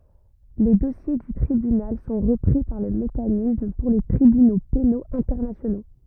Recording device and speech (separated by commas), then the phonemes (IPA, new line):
rigid in-ear microphone, read sentence
le dɔsje dy tʁibynal sɔ̃ ʁəpʁi paʁ lə mekanism puʁ le tʁibyno penoz ɛ̃tɛʁnasjono